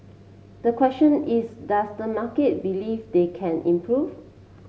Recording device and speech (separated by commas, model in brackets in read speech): mobile phone (Samsung C7), read sentence